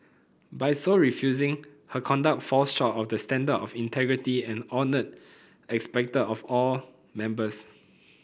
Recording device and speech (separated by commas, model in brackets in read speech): boundary microphone (BM630), read sentence